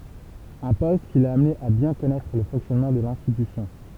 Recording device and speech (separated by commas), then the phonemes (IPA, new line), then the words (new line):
temple vibration pickup, read sentence
œ̃ pɔst ki la amne a bjɛ̃ kɔnɛtʁ lə fɔ̃ksjɔnmɑ̃ də lɛ̃stitysjɔ̃
Un poste qui l'a amené à bien connaître le fonctionnement de l'institution.